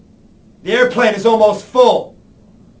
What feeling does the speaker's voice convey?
angry